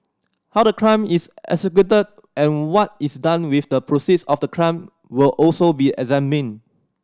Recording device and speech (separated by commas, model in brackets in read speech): standing microphone (AKG C214), read sentence